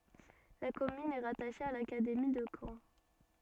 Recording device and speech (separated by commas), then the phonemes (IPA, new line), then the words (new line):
soft in-ear microphone, read sentence
la kɔmyn ɛ ʁataʃe a lakademi də kɑ̃
La commune est rattachée à l’académie de Caen.